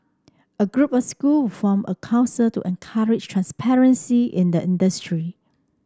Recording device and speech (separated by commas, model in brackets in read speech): standing microphone (AKG C214), read sentence